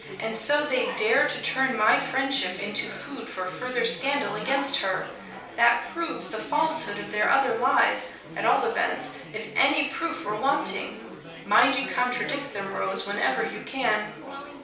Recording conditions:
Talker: one person; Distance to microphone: 3.0 m; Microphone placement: far; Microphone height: 1.8 m; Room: small (3.7 m by 2.7 m); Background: babble

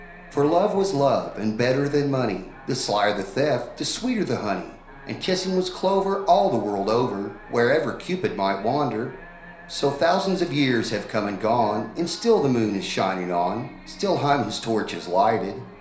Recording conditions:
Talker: one person; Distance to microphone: 1.0 m; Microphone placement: close; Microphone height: 1.1 m; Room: small (3.7 m by 2.7 m); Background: television

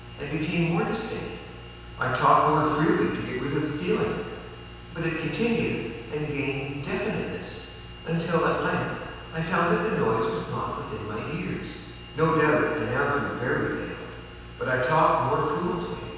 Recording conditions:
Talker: one person; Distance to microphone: 7.1 m; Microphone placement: far; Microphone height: 1.7 m; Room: very reverberant, large; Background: none

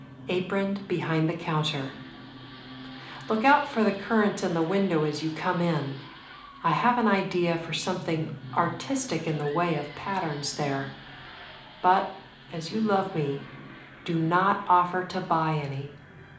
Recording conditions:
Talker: one person; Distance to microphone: 2.0 m; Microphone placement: close; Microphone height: 99 cm; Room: medium-sized (5.7 m by 4.0 m); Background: television

